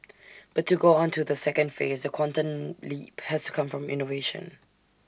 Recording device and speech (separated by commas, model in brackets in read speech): standing microphone (AKG C214), read sentence